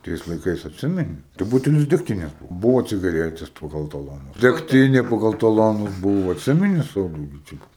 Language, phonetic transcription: Lithuanian, ˈtais laiˈkais atˈsimeni tai ˈbutelis degˈtinės ˈbuvo cigaˈretės paˈgal taloˈnus degˈtinė paˈgal taˈlonus ˈbūvo atˈsimeni ˈsauliau gi ˈčia

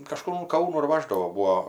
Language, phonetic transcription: Lithuanian, kaˈžkur un ˈkaunų ir ˈvaždavo ˈbūo

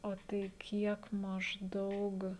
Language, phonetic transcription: Lithuanian, o ˈtai ˈkiek mažˈdaug

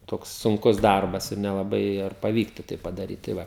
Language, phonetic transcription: Lithuanian, ˈtoks sunˈkus ˈdarbas ir nelaˈbai ir paˈvyktu tai padaˈryt tai ˈva

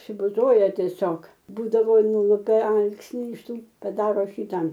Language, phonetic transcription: Lithuanian, apsibuˈzoje tieˈsiog ˈbūdavo ˈnulupe ˈalksni iš ˈtų paˈdaro ˈšytą

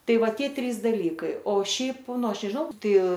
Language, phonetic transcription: Lithuanian, ˈtai ˈva ˈtie ˈtrys ˈdalykai o ˈšiaip ˈnu ˈaš nežˈnau ˈtai

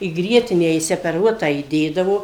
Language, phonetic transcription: Lithuanian, į ˈgrietinę išsepeˈruotą įˈdėdavo

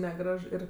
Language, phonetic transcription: Lithuanian, neˈgraž ˈir

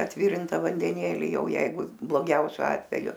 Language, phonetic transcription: Lithuanian, atˈvirinta vandeˈnėli ˈjau ˈjeigu bloˈgiausiu ˈatveju

